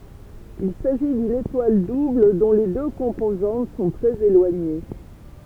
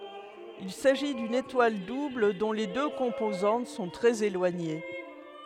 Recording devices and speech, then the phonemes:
temple vibration pickup, headset microphone, read sentence
il saʒi dyn etwal dubl dɔ̃ le dø kɔ̃pozɑ̃t sɔ̃ tʁɛz elwaɲe

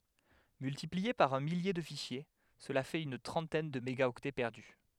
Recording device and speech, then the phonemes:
headset microphone, read sentence
myltiplie paʁ œ̃ milje də fiʃje səla fɛt yn tʁɑ̃tɛn də meɡaɔktɛ pɛʁdy

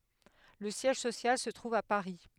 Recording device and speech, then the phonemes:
headset microphone, read sentence
lə sjɛʒ sosjal sə tʁuv a paʁi

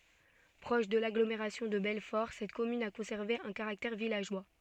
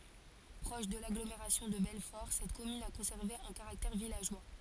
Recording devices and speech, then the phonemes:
soft in-ear microphone, forehead accelerometer, read sentence
pʁɔʃ də laɡlomeʁasjɔ̃ də bɛlfɔʁ sɛt kɔmyn a kɔ̃sɛʁve œ̃ kaʁaktɛʁ vilaʒwa

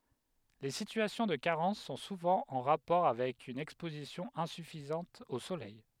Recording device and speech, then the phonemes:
headset microphone, read sentence
le sityasjɔ̃ də kaʁɑ̃s sɔ̃ suvɑ̃ ɑ̃ ʁapɔʁ avɛk yn ɛkspozisjɔ̃ ɛ̃syfizɑ̃t o solɛj

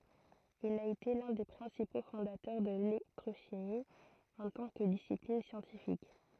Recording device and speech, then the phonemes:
throat microphone, read sentence
il a ete lœ̃ de pʁɛ̃sipo fɔ̃datœʁ də lelɛktʁoʃimi ɑ̃ tɑ̃ kə disiplin sjɑ̃tifik

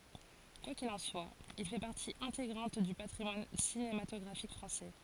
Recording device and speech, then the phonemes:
forehead accelerometer, read sentence
kwa kil ɑ̃ swa il fɛ paʁti ɛ̃teɡʁɑ̃t dy patʁimwan sinematɔɡʁafik fʁɑ̃sɛ

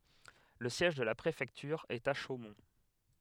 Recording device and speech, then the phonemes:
headset microphone, read sentence
lə sjɛʒ də la pʁefɛktyʁ ɛt a ʃomɔ̃

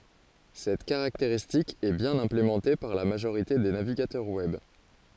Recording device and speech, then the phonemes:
forehead accelerometer, read sentence
sɛt kaʁakteʁistik ɛ bjɛ̃n ɛ̃plemɑ̃te paʁ la maʒoʁite de naviɡatœʁ wɛb

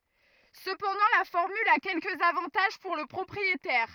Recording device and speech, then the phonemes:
rigid in-ear microphone, read sentence
səpɑ̃dɑ̃ la fɔʁmyl a kɛlkəz avɑ̃taʒ puʁ lə pʁɔpʁietɛʁ

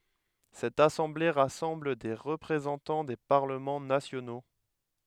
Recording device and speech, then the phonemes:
headset microphone, read sentence
sɛt asɑ̃ble ʁasɑ̃bl de ʁəpʁezɑ̃tɑ̃ de paʁləmɑ̃ nasjono

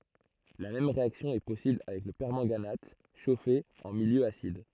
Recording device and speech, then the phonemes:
throat microphone, read sentence
la mɛm ʁeaksjɔ̃ ɛ pɔsibl avɛk lə pɛʁmɑ̃ɡanat ʃofe ɑ̃ miljø asid

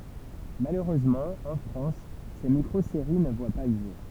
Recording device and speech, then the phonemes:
temple vibration pickup, read sentence
maløʁøzmɑ̃ ɑ̃ fʁɑ̃s se mikʁozeʁi nə vwa pa lə ʒuʁ

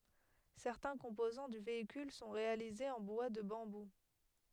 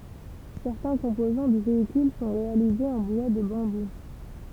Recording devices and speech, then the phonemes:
headset microphone, temple vibration pickup, read sentence
sɛʁtɛ̃ kɔ̃pozɑ̃ dy veikyl sɔ̃ ʁealizez ɑ̃ bwa də bɑ̃bu

